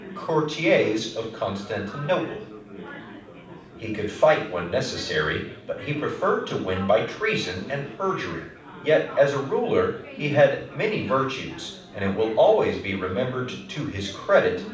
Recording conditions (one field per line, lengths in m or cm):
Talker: one person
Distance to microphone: 5.8 m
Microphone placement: far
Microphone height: 1.8 m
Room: medium-sized (5.7 m by 4.0 m)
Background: babble